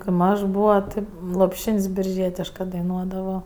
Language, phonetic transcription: Lithuanian, kai ˈmaž ˈbūva ˈti lopˈšin's' birˈžietiškɜ daiˈnuodavo

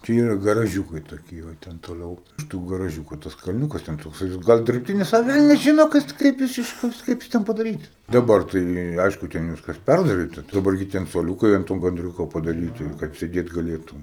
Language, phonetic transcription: Lithuanian, ti ˈyra garaˈžiūkai toˈkie va ˈten toˈliau už tų garaˈžiūku tas kalˈniūkas ten tokˈsai jis ˈgal dirbˈtinis a ˈvælnias ˈžyno ˈkas ti ˈkaip ˈjis iš ko ˈkaip jis ˈten padaˈrytas daˈbar tai ˈaišku ˈten ˈviskas ˈpærdaryta daˈbar gi ten suoˈliūkai an to ganˈdriūko padaˈryti kad sėˈdėt gaˈlėtum

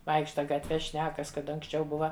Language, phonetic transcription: Lithuanian, ˈvaikšta gatˈve ˈšnekas kad anksˈčiau ˈbuva

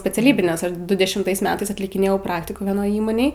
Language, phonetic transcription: Lithuanian, speciaˈlybi ˈnes ˈdu dešimˈtais ˈmetais atlikiˈnėjau ˈpraktikų vieˈnoj ˈįmonėj

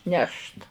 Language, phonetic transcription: Lithuanian, ˈnešt

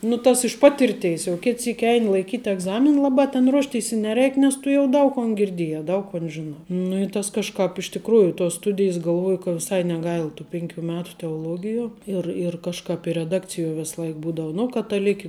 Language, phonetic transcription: Lithuanian, nu ˈtas iš ˈpatirˌtės jau ˈkit ˈsyk' ˈeini laiˈkyt' egˈzamin ˈlabā ten ˈruošˌtėis i neˈreik nes ˈtu jau ˈdaug kon girˈdėjā ˈdaug kon žiˈnā nu i ˈtas kažˈkāp iš tikˈrųju tos ˈstudijs galˈvoju ka viˈsai neˈgail tų ˈpinkių ˈmetu teoˈluogijuo ir ir kažˈkāp i reˈdakciˌjuo ˈvėslaik ˈbūdou nu kataˈliki

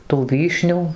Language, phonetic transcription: Lithuanian, tų ˈvyšnių

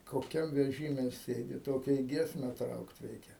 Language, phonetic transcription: Lithuanian, koˈkiam veˈžyme ˈsėdi ˈtokia i ˈgiesme ˈtraukt ˈreikia

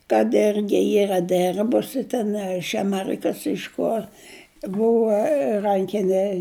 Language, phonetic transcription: Lithuanian, kad ˈirgi ˈyra ˈderbusi ten a iš aˈmerikas ˈiš kor ˈbūva ˈrankine

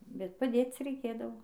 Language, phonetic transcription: Lithuanian, bet paˈdėc reiˈkėdavo

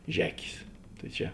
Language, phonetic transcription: Lithuanian, ˈžekės tai ˈčia

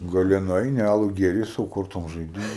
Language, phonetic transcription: Lithuanian, gaˈli nuˈeini ˈalu geˈri sau ˈkortom žaiˈdi

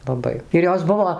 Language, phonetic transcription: Lithuanian, laˈbai ir ˈjos ˈbuvo

